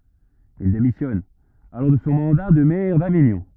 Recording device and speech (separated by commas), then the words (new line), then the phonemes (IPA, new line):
rigid in-ear microphone, read sentence
Il démissionne alors de son mandat de maire d'Avignon.
il demisjɔn alɔʁ də sɔ̃ mɑ̃da də mɛʁ daviɲɔ̃